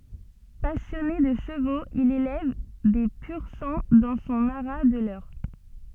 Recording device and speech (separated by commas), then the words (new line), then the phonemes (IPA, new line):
soft in-ear microphone, read sentence
Passionné de chevaux, il élève des pur-sang dans son haras de l'Eure.
pasjɔne də ʃəvoz il elɛv de pyʁ sɑ̃ dɑ̃ sɔ̃ aʁa də lœʁ